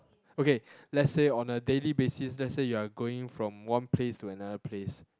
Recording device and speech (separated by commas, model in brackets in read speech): close-talking microphone, conversation in the same room